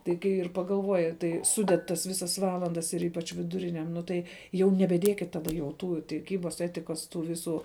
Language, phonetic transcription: Lithuanian, tai ˈkai ir pagalˈvoji tai ˈsuded tas ˈvisas ˈvalandas ir ˈypač viduˈriniam ˈnu tai jau nebeˈdiekit ˈtada jau ˈtų tiˈkybas ˈetikas ˈtų ˈviˌsų

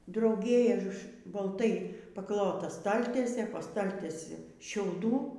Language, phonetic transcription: Lithuanian, drauˈgė balˈtai paˈklota ˈstaltiesė po ˈstaltiesi šiauˈdų

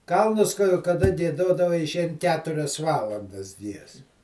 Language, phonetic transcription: Lithuanian, ˈkalnus ka kaˈda gieˈdodava iˈšein ˈketurias ˈvalandas ˈgies

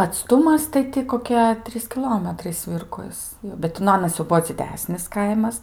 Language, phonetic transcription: Lithuanian, atˈstumas tai ˈti koˈkie ˈtrys kiˈlometrai ˈsvirkos bet ˈti nu ˈanas jau ˈbuo dziˈdesnis ˈkaimas

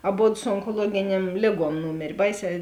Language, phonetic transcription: Lithuanian, aˈbod su onkoˈluogiˌniem ˈlėˌguom ˈnūmėr' ˈbaiˌsē

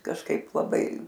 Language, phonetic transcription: Lithuanian, kažˈkaip laˈbai

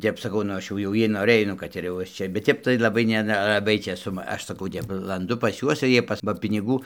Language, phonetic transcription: Lithuanian, ˈtep saˈkau nu ˈaš jau ˈjie noˈrɘj ˈnu kad ir jau ˈaš ˈčia bet ˈtep tai laˈbai ˈne nelaˈbai čėˈsu ˈaš saˈkau ˈaš saˈkau ˈtep lanˈdu pas ˈjuos ir ˈjie pas ba piniˈgų

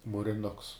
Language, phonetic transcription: Lithuanian, mūriˈnuks

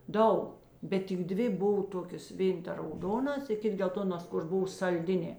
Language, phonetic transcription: Lithuanian, ˈdaug ˈbet tik ˈdvi ˈbov ˈtokės ˈvėn ta rauˈdonas i ˈkit gelˈtonos kur ˈbuv salˈdinė

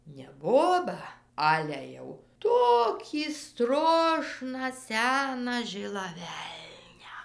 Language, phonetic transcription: Lithuanian, ne ˈbobą ˈale jau ˈtokį ˈstrošną ˈseną ˈžilą ˈvelnią

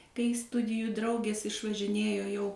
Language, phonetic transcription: Lithuanian, kai ˈstudijų ˈdraugės išvažiˈnėjo jau

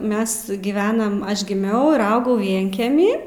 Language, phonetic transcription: Lithuanian, ˈmes giˈvenam ˈaš giˈmiau ir ˈaugau ˈvienkemy

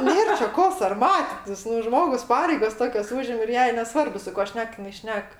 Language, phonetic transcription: Lithuanian, ˈnėr čia ˈko sarˈmatitis nu ˈžmogus ˈpareigas ˈtokias ˈūžim ir ˈjai neˈsvarbu su ˈkuo ˈšnek jiˈnai ˈšnek

